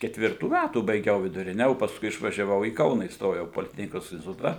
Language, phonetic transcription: Lithuanian, ketˈvirtų ˈmætų baiˈgiau viduˈrine o pasˈkui išvažiaˈvau į ˈkauną įsˈtojau poliˈtechnikos instiˈtuta

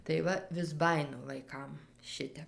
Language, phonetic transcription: Lithuanian, tai ˈva vis ˈbajinu vaiˈkam ˈšitep

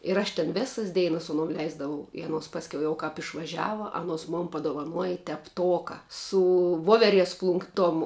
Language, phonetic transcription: Lithuanian, ir ˈaš ten ˈvėsas ˈdeinas su aˈnuom ˈleisdavau i aˈnuos pasˈkiau jau kāp išvaˈžiava aˈnuos mon padovaˈnuoji tepˈtoka su ˈvoveˌries ˈplunk ˈtom

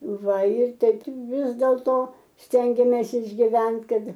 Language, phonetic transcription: Lithuanian, ˈva ir ˈteip ˈvis dėlto ˈstengėmės išgiˈvent ˈkad

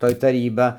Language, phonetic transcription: Lithuanian, ˈtoj taˈryba

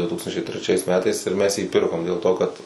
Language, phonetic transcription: Lithuanian, du ˈtūkstančiai treˈčiais ˈmetais ir ˈmes jį ˈpirkom dėl ˈto ˈkad

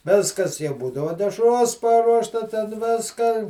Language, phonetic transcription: Lithuanian, ˈviskas jau ˈbūdavo dešˈros ˈparuošta ten ˈviska

